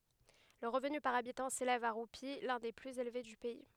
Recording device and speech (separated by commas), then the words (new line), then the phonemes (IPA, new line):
headset microphone, read sentence
Le revenu par habitant s'élève à roupies, l'un des plus élevés du pays.
lə ʁəvny paʁ abitɑ̃ selɛv a ʁupi lœ̃ de plyz elve dy pɛi